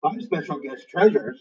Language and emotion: English, surprised